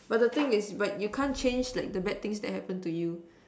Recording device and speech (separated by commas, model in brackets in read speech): standing microphone, conversation in separate rooms